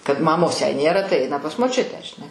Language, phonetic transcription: Lithuanian, kad maˈmos jei ˈnėra tai ˈaina pas moˈčiutę žiˈnai

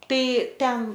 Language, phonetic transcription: Lithuanian, ˈtai ˈten

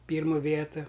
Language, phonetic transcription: Lithuanian, ˈpyrmu ˈvietu

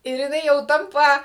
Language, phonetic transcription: Lithuanian, ir jiˈnai jau ˈtampa

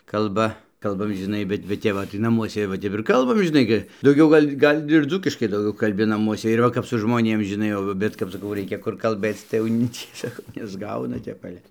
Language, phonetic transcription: Lithuanian, kalˈba ˈkalbam žiˈnai ˈbet bet ˈtep va tai naˈmuose va ˈtep ir kalˈbam žiˈnai gi dauˈgiau ˈgal' ˈgal' ir ˈdzūkiškai dauˈgiau kalˈbi naˈmuose ir ˈva kap su žmoˈnėm žiˈnai jau va ˈbet kap saˈkau ˈreikia kur kalˈbɘc tai jau ˈni ˈcie saˈkau nesˈgauna ˈtep ˈale

